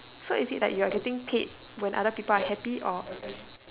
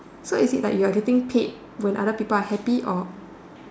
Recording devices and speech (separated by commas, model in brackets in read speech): telephone, standing microphone, conversation in separate rooms